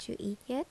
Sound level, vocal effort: 75 dB SPL, soft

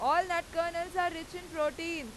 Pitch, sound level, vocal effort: 335 Hz, 100 dB SPL, very loud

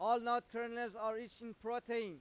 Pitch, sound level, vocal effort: 235 Hz, 100 dB SPL, very loud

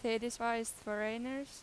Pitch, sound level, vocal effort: 230 Hz, 89 dB SPL, normal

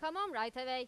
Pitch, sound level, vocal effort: 255 Hz, 99 dB SPL, very loud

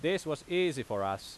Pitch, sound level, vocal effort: 150 Hz, 92 dB SPL, very loud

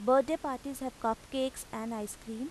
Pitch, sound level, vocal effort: 255 Hz, 87 dB SPL, normal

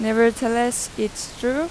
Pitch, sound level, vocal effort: 235 Hz, 90 dB SPL, loud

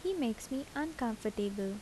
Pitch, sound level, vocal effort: 240 Hz, 75 dB SPL, soft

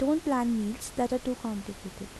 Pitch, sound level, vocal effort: 235 Hz, 79 dB SPL, soft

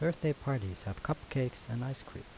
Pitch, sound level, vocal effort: 130 Hz, 77 dB SPL, soft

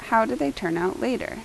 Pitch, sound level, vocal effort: 185 Hz, 80 dB SPL, normal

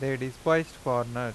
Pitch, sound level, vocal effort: 130 Hz, 89 dB SPL, normal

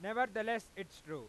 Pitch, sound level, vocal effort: 210 Hz, 101 dB SPL, loud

